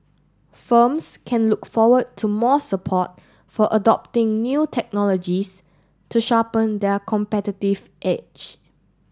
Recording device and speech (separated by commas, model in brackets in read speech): standing microphone (AKG C214), read sentence